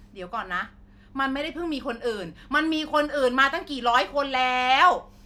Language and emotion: Thai, angry